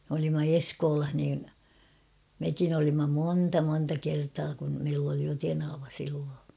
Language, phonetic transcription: Finnish, m ‿olimma "Eskoolah niin , 'mekin ‿olimma 'moonta monta 'kertaa kun , meill ‿oli jo tenava silloo .
- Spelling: me olimme Eskolassa niin mekin olimme monta monta kertaa kun meillä oli jo tenava silloin

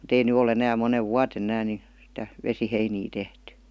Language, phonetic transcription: Finnish, mu't ‿ei ny o'l ‿enää 'monev "vua-ten ‿ᵉnään ni , sⁱtä , 'vesiheinii 'tehty .
- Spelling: mutta ei nyt ole enää monena vuotena enää niin sitä vesiheiniä tehty

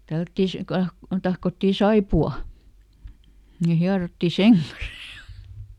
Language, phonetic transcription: Finnish, ˈtällättì si- , ˈka- kun ˈtahkottì "saipu₍aˡ , ni ˈhiarotti "seŋ kan̬ssA .
- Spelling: tällättiin - - kun tahkottiin saippuaa niin hierottiin sen kanssa

